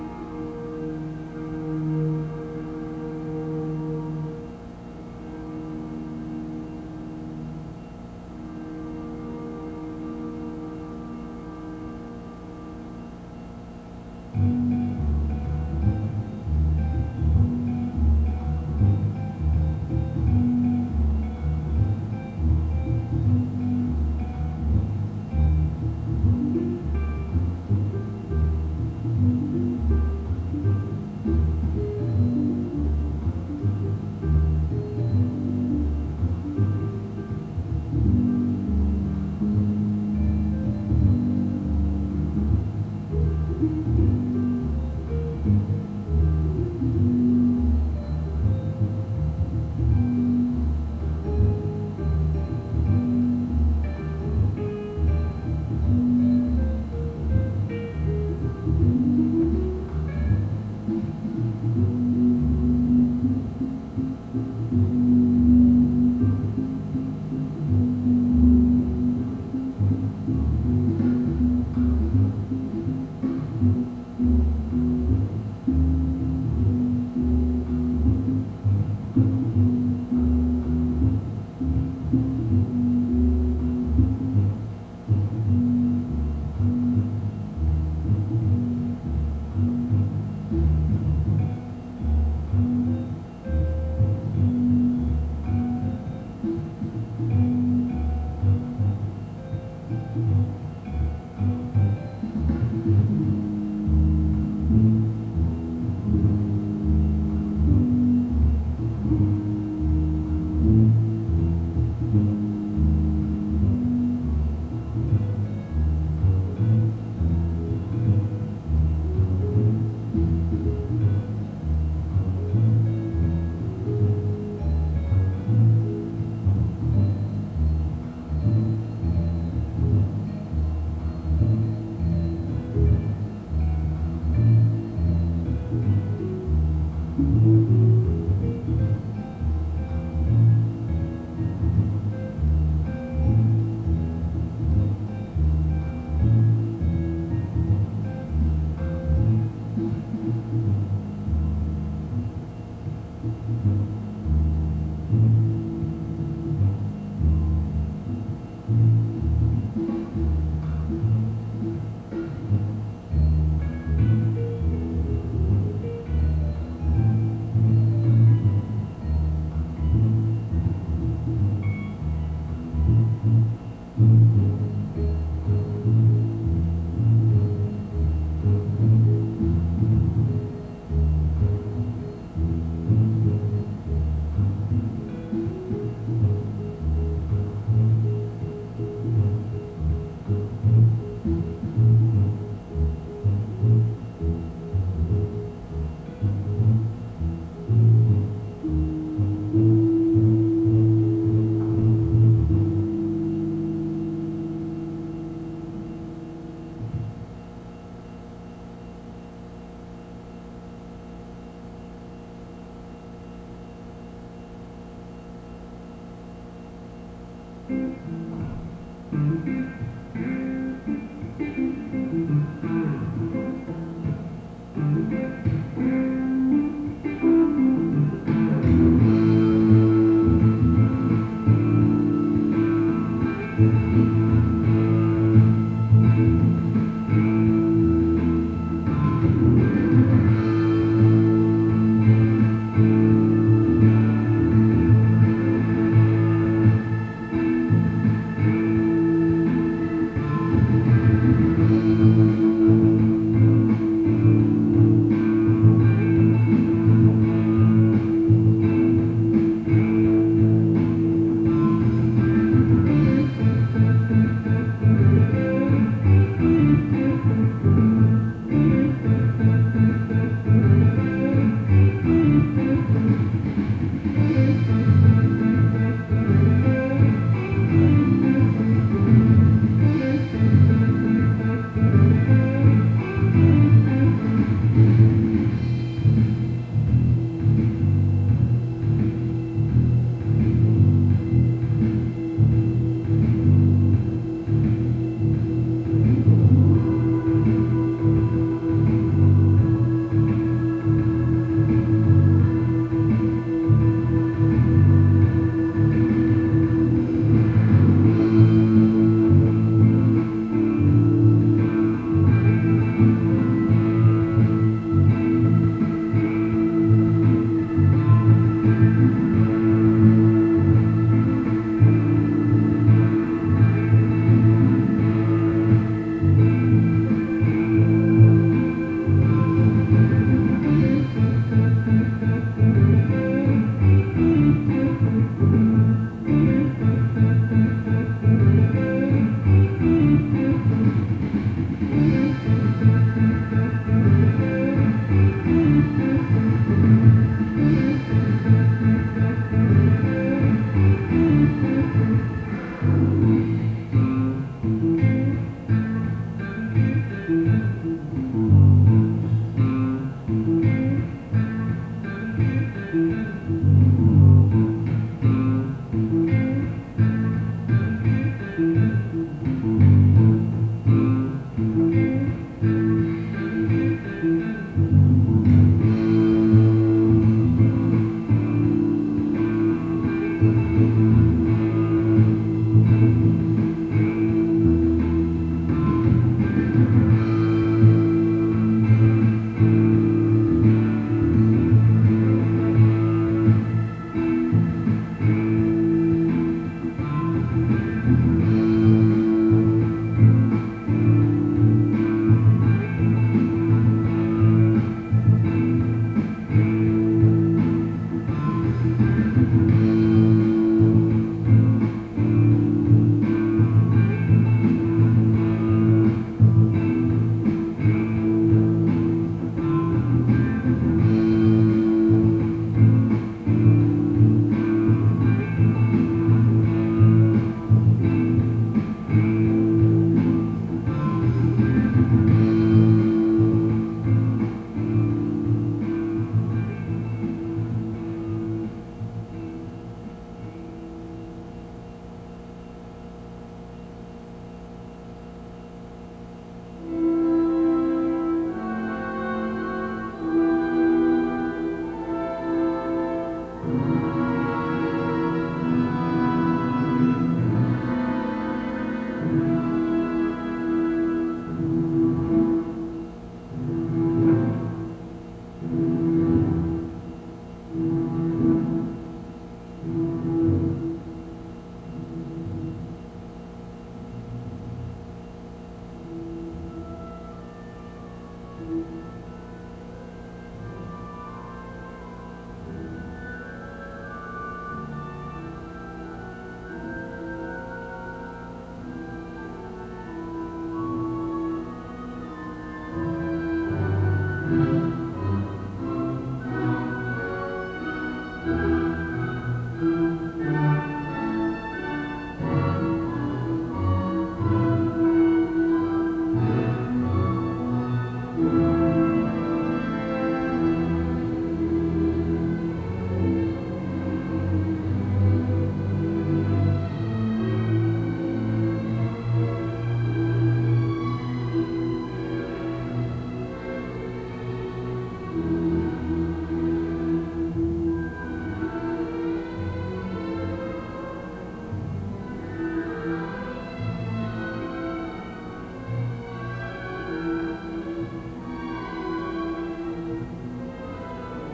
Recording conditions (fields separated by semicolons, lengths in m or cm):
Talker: no one; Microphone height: 25 cm; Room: very reverberant, large; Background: music